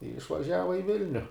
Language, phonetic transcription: Lithuanian, i išvaˈžiava i ˈvilniu

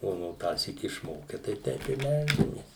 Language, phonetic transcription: Lithuanian, ˈo no ˈtąsyk išˈmoke ˈtai ˈteip i ˈmeldžiamės

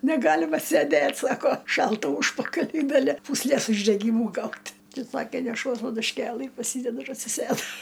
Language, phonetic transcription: Lithuanian, neˈgalima sėˈdėt' ˈsako ˈšalta ˈūžpakaliui gaˈli pūsˈlės uždeˈgymu ˈgaut' ˈtai ˈsakė neˈšuos padušˈkėlɨ paˈsydedu ir atsiˈsėdu

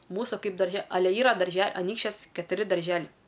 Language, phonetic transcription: Lithuanian, ˈmūsu ˈkaip darˈže aˈle ˈyra darˈže aˈnykščias ketuˈri darˈželiai

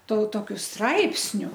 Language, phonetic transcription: Lithuanian, to toˈkiu ˈstraipsniu

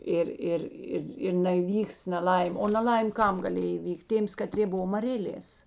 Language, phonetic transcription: Lithuanian, ˈir ˈir ˈir ir neįˈvyks neˈlaim' o naˈlaim' ˈkam gaˈlėj įˈvykt' ˈtėms kaˈtrė ˈbuvo maˈrėlės

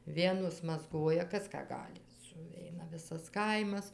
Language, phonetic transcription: Lithuanian, ˈvienos mazˈgoja ˈkas ˈką ˈgali suˈveina ˈvisas ˈkaimas

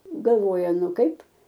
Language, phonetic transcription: Lithuanian, galˈvoja ˈnu ˈkaip

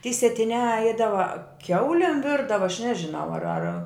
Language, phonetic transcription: Lithuanian, tie sietiˈniā ˈeidava ˈkiaulėm ˈvirdava aš ˈnežiˌnau ar ar

